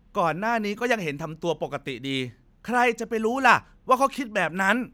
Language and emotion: Thai, frustrated